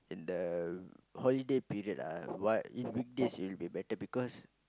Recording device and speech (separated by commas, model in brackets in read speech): close-talking microphone, conversation in the same room